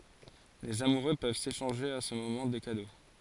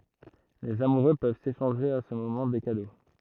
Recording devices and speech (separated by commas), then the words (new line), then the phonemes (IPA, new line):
forehead accelerometer, throat microphone, read sentence
Les amoureux peuvent s’échanger à ce moment des cadeaux.
lez amuʁø pøv seʃɑ̃ʒe a sə momɑ̃ de kado